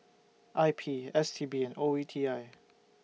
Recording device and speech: mobile phone (iPhone 6), read sentence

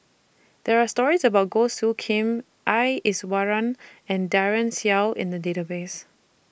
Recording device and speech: boundary microphone (BM630), read sentence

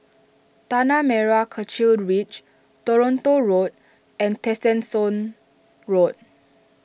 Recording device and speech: boundary microphone (BM630), read sentence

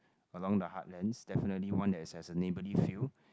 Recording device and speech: close-talking microphone, conversation in the same room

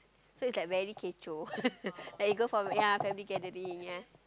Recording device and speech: close-talking microphone, conversation in the same room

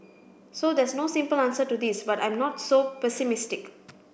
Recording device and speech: boundary microphone (BM630), read sentence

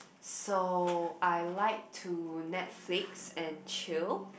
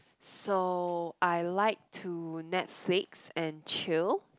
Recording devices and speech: boundary microphone, close-talking microphone, conversation in the same room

